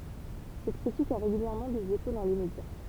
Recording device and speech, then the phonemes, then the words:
temple vibration pickup, read sentence
sɛt kʁitik a ʁeɡyljɛʁmɑ̃ dez eko dɑ̃ le medja
Cette critique a régulièrement des échos dans les médias.

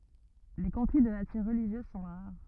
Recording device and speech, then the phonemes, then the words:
rigid in-ear microphone, read sentence
le kɔ̃fli də natyʁ ʁəliʒjøz sɔ̃ ʁaʁ
Les conflits de nature religieuse sont rares.

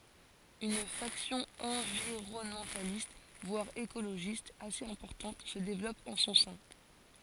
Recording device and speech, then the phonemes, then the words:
forehead accelerometer, read sentence
yn faksjɔ̃ ɑ̃viʁɔnmɑ̃talist vwaʁ ekoloʒist asez ɛ̃pɔʁtɑ̃t sə devlɔp ɑ̃ sɔ̃ sɛ̃
Une faction environnementaliste, voire écologiste, assez importante se développe en son sein.

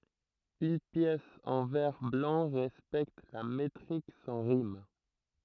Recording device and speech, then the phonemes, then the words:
throat microphone, read sentence
yn pjɛs ɑ̃ vɛʁ blɑ̃ ʁɛspɛkt la metʁik sɑ̃ ʁim
Une pièce en vers blancs respecte la métrique sans rimes.

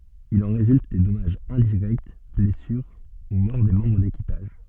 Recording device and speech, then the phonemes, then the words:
soft in-ear microphone, read sentence
il ɑ̃ ʁezylt de dɔmaʒz ɛ̃diʁɛkt blɛsyʁ u mɔʁ de mɑ̃bʁ dekipaʒ
Il en résulte des dommages indirects, blessures ou mort des membres d'équipage.

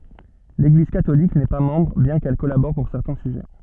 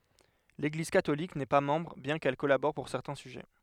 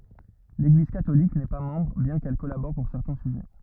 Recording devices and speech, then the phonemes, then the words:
soft in-ear microphone, headset microphone, rigid in-ear microphone, read sentence
leɡliz katolik nɛ pa mɑ̃bʁ bjɛ̃ kɛl kɔlabɔʁ puʁ sɛʁtɛ̃ syʒɛ
L'Église catholique n'est pas membre, bien qu'elle collabore pour certains sujets.

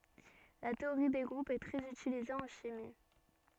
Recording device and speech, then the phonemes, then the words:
soft in-ear microphone, read sentence
la teoʁi de ɡʁupz ɛ tʁɛz ytilize ɑ̃ ʃimi
La théorie des groupes est très utilisée en chimie.

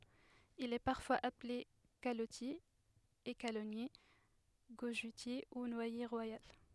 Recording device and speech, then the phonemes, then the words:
headset microphone, read sentence
il ɛ paʁfwaz aple kalɔtje ekalɔnje ɡoʒøtje u nwaje ʁwajal
Il est parfois appelé calottier, écalonnier, gojeutier ou noyer royal.

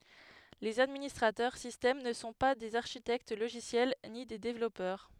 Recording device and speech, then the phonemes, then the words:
headset microphone, read sentence
lez administʁatœʁ sistɛm nə sɔ̃ pa dez aʁʃitɛkt loʒisjɛl ni de devlɔpœʁ
Les administrateurs système ne sont pas des architectes logiciels ni des développeurs.

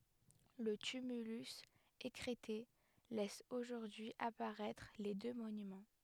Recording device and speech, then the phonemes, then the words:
headset microphone, read sentence
lə tymylys ekʁɛte lɛs oʒuʁdyi apaʁɛtʁ le dø monymɑ̃
Le tumulus, écrêté, laisse aujourd'hui apparaître les deux monuments.

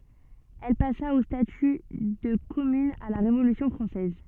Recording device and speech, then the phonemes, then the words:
soft in-ear microphone, read sentence
ɛl pasa o staty də kɔmyn a la ʁevolysjɔ̃ fʁɑ̃sɛz
Elle passa au statut de commune à la Révolution française.

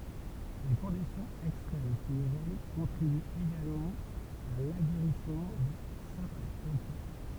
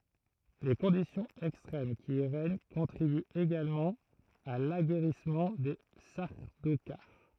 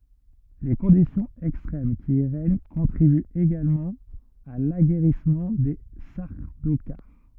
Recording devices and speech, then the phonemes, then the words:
temple vibration pickup, throat microphone, rigid in-ear microphone, read sentence
le kɔ̃disjɔ̃z ɛkstʁɛm ki i ʁɛɲ kɔ̃tʁibyt eɡalmɑ̃ a laɡɛʁismɑ̃ de saʁdokaʁ
Les conditions extrêmes qui y règnent contribuent également à l’aguerrissement des Sardaukars.

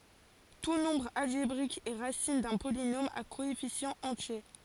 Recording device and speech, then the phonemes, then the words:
forehead accelerometer, read sentence
tu nɔ̃bʁ alʒebʁik ɛ ʁasin dœ̃ polinom a koɛfisjɑ̃z ɑ̃tje
Tout nombre algébrique est racine d'un polynôme à coefficients entiers.

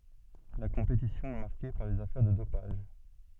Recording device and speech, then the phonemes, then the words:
soft in-ear microphone, read sentence
la kɔ̃petisjɔ̃ ɛ maʁke paʁ lez afɛʁ də dopaʒ
La compétition est marquée par les affaires de dopage.

